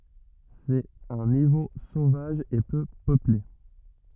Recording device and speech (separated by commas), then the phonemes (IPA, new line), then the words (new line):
rigid in-ear microphone, read sentence
sɛt œ̃ nivo sovaʒ e pø pøple
C’est un niveau sauvage et peu peuplé.